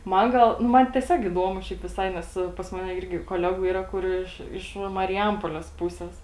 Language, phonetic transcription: Lithuanian, ˈman ˈgal nu ˈman teˈsiog iˈduomu ˈšiaip viˈsai ˈnes pas ˈmane ˈirgi koˈlegų ˈyra ˈkur iš iš mariˈjampoˈles ˈpūses

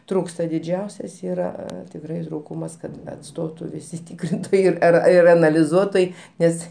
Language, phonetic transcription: Lithuanian, ˈtrūksta diˈdžiausias ˈyra tikˈrai ˈtrūkumas ˈkad atˈstotu viˈsi ˈtikrintojai ˈir ˈar ir analiˈzuotojai ˈnes

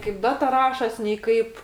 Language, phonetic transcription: Lithuanian, kaip ˈdata ˈrašos' nei ˈkaip

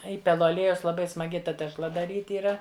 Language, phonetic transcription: Lithuanian, ˈįpelu aˈliejaus laˈbai smaˈgi ˈta tešˈla daˈryt' yˈra

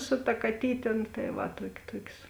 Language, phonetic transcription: Lithuanian, su ta kaˈtytė nu tai ˈva ˈtuok' ˈtuok's'

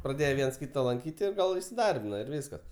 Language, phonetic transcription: Lithuanian, praˈdėje ˈviens ˈkyta lanˈkyt' i ˈgal isiˈdarbina ir ˈvyskas

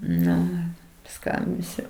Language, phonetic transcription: Lithuanian, ˈnu ir paˈskambisiu

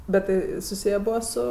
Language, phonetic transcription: Lithuanian, bet ˈtai suˈsiję ˈbua ˈsu

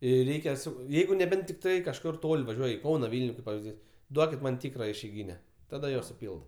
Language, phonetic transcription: Lithuanian, jei ˈreikia su ˈjeigu neˈbent tikˈtai kažˈkur ˈtol' vaˈžiuoj' i ˈkauna ˈvylniu kaip pavizˈdys ˈduokit man ˈtykra išeiˈgyne ˈtada jo suˈpylda

